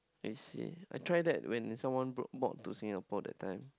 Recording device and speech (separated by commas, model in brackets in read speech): close-talking microphone, conversation in the same room